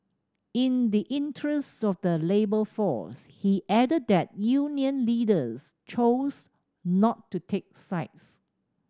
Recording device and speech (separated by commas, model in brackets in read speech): standing microphone (AKG C214), read sentence